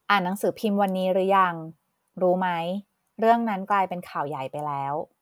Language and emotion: Thai, neutral